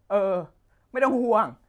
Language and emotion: Thai, sad